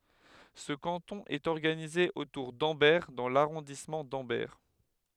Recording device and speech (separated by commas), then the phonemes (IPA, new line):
headset microphone, read sentence
sə kɑ̃tɔ̃ ɛt ɔʁɡanize otuʁ dɑ̃bɛʁ dɑ̃ laʁɔ̃dismɑ̃ dɑ̃bɛʁ